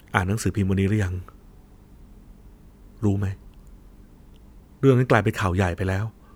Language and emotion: Thai, sad